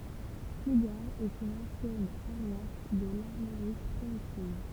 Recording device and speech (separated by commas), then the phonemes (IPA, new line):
temple vibration pickup, read sentence
pluɡaʁ ɛt yn ɑ̃sjɛn paʁwas də laʁmoʁik pʁimitiv